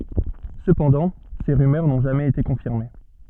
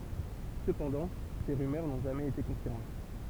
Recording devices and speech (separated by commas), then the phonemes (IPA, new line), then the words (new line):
soft in-ear microphone, temple vibration pickup, read sentence
səpɑ̃dɑ̃ se ʁymœʁ nɔ̃ ʒamɛz ete kɔ̃fiʁme
Cependant, ces rumeurs n'ont jamais été confirmées.